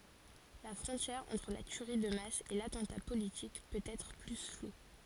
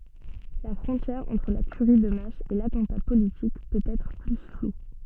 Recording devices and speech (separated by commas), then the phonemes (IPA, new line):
forehead accelerometer, soft in-ear microphone, read sentence
la fʁɔ̃tjɛʁ ɑ̃tʁ la tyʁi də mas e latɑ̃ta politik pøt ɛtʁ ply flu